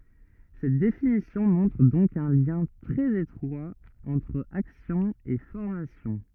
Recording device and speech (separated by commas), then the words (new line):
rigid in-ear microphone, read sentence
Cette définition montre donc un lien très étroit entre action et formation.